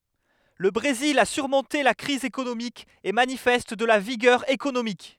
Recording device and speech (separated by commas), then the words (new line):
headset microphone, read sentence
Le Brésil a surmonté la crise économique et manifeste de la vigueur économique.